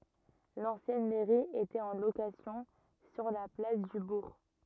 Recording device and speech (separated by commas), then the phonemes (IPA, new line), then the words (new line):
rigid in-ear microphone, read sentence
lɑ̃sjɛn mɛʁi etɛt ɑ̃ lokasjɔ̃ syʁ la plas dy buʁ
L'ancienne mairie était en location sur la place du bourg.